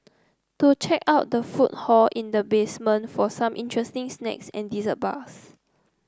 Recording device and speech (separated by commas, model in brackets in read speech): close-talking microphone (WH30), read sentence